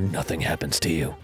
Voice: deep voice